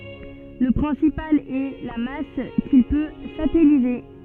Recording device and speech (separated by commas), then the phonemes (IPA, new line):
soft in-ear microphone, read sentence
lə pʁɛ̃sipal ɛ la mas kil pø satɛlize